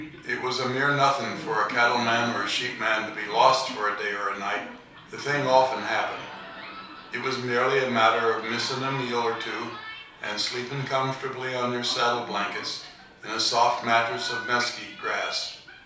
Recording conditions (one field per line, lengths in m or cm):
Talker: one person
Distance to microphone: 3.0 m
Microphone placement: far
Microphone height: 1.8 m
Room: small (3.7 m by 2.7 m)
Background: television